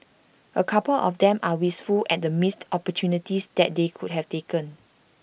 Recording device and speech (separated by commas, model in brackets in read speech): boundary microphone (BM630), read sentence